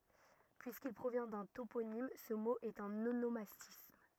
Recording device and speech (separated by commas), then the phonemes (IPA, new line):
rigid in-ear microphone, read sentence
pyiskil pʁovjɛ̃ dœ̃ toponim sə mo ɛt œ̃n onomastism